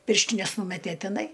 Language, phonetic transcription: Lithuanian, ˈpirštines ˈnūmetė tiˈnai

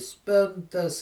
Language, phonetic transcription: Lithuanian, ˈspintas

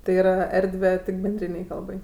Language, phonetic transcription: Lithuanian, tai yˈra ˈerdve tik benˈdrynei ˈkalbai

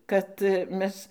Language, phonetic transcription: Lithuanian, ˈkad ˈmes

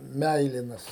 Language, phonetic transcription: Lithuanian, ˈmæilinas

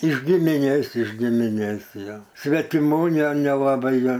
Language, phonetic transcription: Lithuanian, iš gimiˈnės iš gimiˈnės ˈjo svetiˈmų ne nelaˈbai ˈgal'

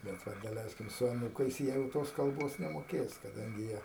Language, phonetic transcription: Lithuanian, bet ˈva daˈleiskim su aˈnūkais ˈjie jau ˈtos kalˈbos nemoˈkės kaˈdangi ˈjie

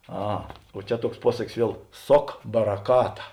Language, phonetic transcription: Lithuanian, ˈa o ˈčia ˈtuoks ˈpuosakis ˈviel ˈsok baraˈkata

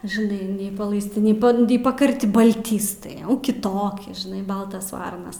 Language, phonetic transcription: Lithuanian, žɨˈnai nei palaisˈti nei ˈband nei pakarˈti balˈtystai ˈjau kiˈtoki žiˈnai ˈbaltas ˈvarnas

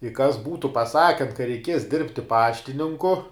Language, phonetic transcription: Lithuanian, i kas ˈbūtu paˈsaken ka reiˈkies ˈdirbti ˈpaštininku

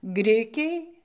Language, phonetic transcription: Lithuanian, ˈgrikiai

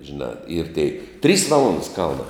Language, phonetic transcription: Lithuanian, žiˈnā ir tėi trys ˈvalondas ˈkalnā

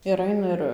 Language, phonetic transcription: Lithuanian, ir ˈaina ir

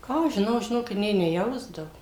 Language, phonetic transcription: Lithuanian, ˈką aš žiˈnau žiˈnokit nė neˈjausdavu

